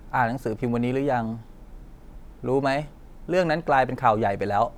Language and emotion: Thai, neutral